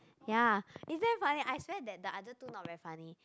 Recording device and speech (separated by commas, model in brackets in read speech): close-talking microphone, conversation in the same room